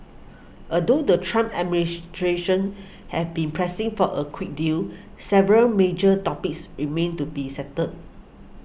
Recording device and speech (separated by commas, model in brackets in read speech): boundary microphone (BM630), read sentence